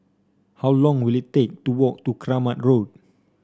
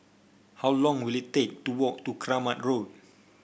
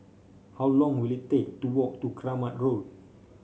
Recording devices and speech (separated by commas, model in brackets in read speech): standing microphone (AKG C214), boundary microphone (BM630), mobile phone (Samsung C5), read sentence